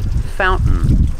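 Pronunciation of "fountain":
In 'fountain', the T is not made: it is a stop T, and the word falls straight into the N sound.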